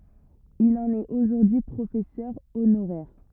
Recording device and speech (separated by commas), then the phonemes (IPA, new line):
rigid in-ear microphone, read sentence
il ɑ̃n ɛt oʒuʁdyi pʁofɛsœʁ onoʁɛʁ